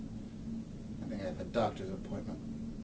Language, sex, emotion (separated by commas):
English, male, sad